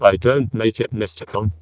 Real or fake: fake